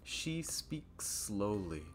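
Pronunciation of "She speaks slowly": The s at the end of 'speaks' and the s at the start of 'slowly' are said only once, as one s sound held a little longer, so it sounds like 'she speak slowly'.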